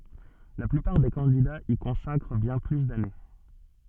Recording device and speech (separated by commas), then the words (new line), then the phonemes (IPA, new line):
soft in-ear microphone, read sentence
La plupart des candidats y consacrent bien plus d'années.
la plypaʁ de kɑ̃didaz i kɔ̃sakʁ bjɛ̃ ply dane